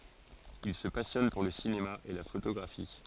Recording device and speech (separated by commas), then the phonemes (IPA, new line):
forehead accelerometer, read sentence
il sə pasjɔn puʁ lə sinema e la fotoɡʁafi